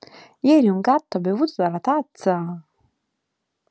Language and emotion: Italian, surprised